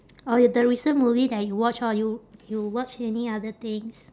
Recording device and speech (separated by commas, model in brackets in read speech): standing microphone, conversation in separate rooms